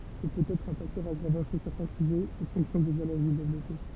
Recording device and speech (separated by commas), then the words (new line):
temple vibration pickup, read sentence
Ce peut être un facteur aggravant chez certains sujets et fonction des allergies développées.